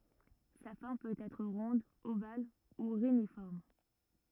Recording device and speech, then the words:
rigid in-ear microphone, read sentence
Sa forme peut être ronde, ovale ou réniforme.

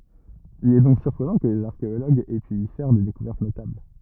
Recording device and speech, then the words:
rigid in-ear microphone, read sentence
Il est donc surprenant que les archéologues aient pu y faire des découvertes notables.

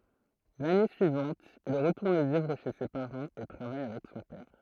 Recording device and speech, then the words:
throat microphone, read sentence
L'année suivante il retourne vivre chez ses parents et travaille avec son père.

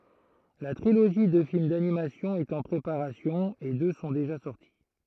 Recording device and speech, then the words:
throat microphone, read sentence
La trilogie de films d'animation est en préparation et deux sont déjà sorti.

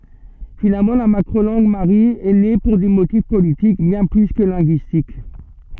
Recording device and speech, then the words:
soft in-ear microphone, read sentence
Finalement, la macro-langue marie est née pour des motifs politiques bien plus que linguistiques.

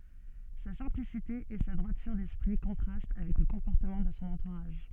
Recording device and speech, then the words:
soft in-ear microphone, read sentence
Sa simplicité et sa droiture d'esprit contrastent avec le comportement de son entourage.

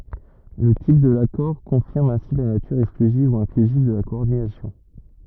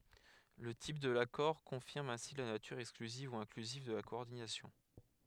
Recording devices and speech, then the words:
rigid in-ear microphone, headset microphone, read sentence
Le type de l'accord confirme ainsi la nature exclusive ou inclusive de la coordination.

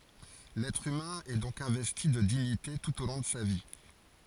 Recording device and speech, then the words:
forehead accelerometer, read sentence
L'être humain est donc investi de dignité tout au long de sa vie.

